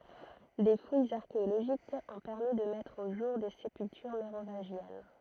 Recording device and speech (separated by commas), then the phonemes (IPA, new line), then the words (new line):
throat microphone, read sentence
de fujz aʁkeoloʒikz ɔ̃ pɛʁmi də mɛtʁ o ʒuʁ de sepyltyʁ meʁovɛ̃ʒjɛn
Des fouilles archéologiques ont permis de mettre au jour des sépultures mérovingiennes.